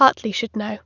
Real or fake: real